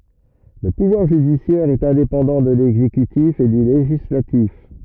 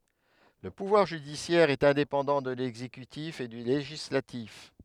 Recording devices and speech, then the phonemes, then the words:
rigid in-ear microphone, headset microphone, read sentence
lə puvwaʁ ʒydisjɛʁ ɛt ɛ̃depɑ̃dɑ̃ də lɛɡzekytif e dy leʒislatif
Le pouvoir judiciaire est indépendant de l’exécutif et du législatif.

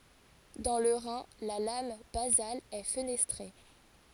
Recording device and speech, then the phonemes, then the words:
forehead accelerometer, read sentence
dɑ̃ lə ʁɛ̃ la lam bazal ɛ fənɛstʁe
Dans le rein, la lame basale est fenestrée.

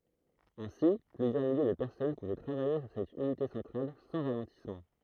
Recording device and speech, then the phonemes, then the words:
throat microphone, read sentence
ɛ̃si plyzjœʁ milje də pɛʁsɔn puvɛ tʁavaje syʁ sɛt ynite sɑ̃tʁal sɑ̃ ʁalɑ̃tismɑ̃
Ainsi, plusieurs milliers de personnes pouvaient travailler sur cette unité centrale sans ralentissement.

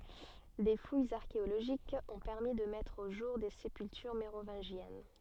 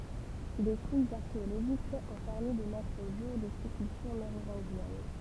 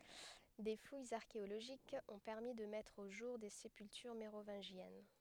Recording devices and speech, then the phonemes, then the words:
soft in-ear microphone, temple vibration pickup, headset microphone, read sentence
de fujz aʁkeoloʒikz ɔ̃ pɛʁmi də mɛtʁ o ʒuʁ de sepyltyʁ meʁovɛ̃ʒjɛn
Des fouilles archéologiques ont permis de mettre au jour des sépultures mérovingiennes.

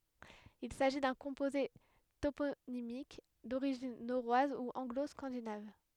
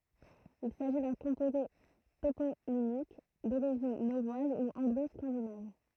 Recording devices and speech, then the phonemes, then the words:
headset microphone, throat microphone, read sentence
il saʒi dœ̃ kɔ̃poze toponimik doʁiʒin noʁwaz u ɑ̃ɡlo skɑ̃dinav
Il s'agit d'un composé toponymique d'origine norroise ou anglo-scandinave.

